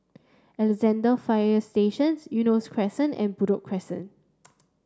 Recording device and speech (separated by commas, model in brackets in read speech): standing microphone (AKG C214), read sentence